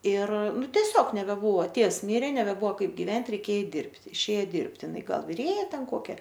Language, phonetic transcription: Lithuanian, ir ˈnu teˈsiog nebeˈbuvo ˈtėvs ˈmyrė nebeˈbuvo ˈkaip givent' reiˈkėje ˈeit ˈdirbti išˈėja ˈdirbti iˈnai ˈgal viˈrėja ˈten ˈkokia

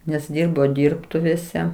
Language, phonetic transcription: Lithuanian, nes ˈdyrbo ˈdyrbtuvėse

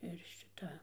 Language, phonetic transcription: Lithuanian, ir šiˈta

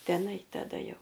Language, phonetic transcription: Lithuanian, ˈtenai taˈda ˈjau

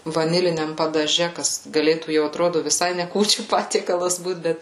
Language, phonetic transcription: Lithuanian, vaˈniliniam padaˈže ˈkas gaˈlėtų jau atˈrodu viˈsai ne ˈkūčių ˈpatiekalas ˈbūt ˈbet

